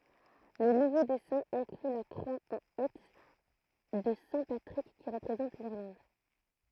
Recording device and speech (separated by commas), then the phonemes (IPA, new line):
throat microphone, read sentence
lə nuvo dɛsɛ̃ ɛ̃kly la kʁwa ɑ̃ iks də sɛ̃ patʁik ki ʁəpʁezɑ̃t liʁlɑ̃d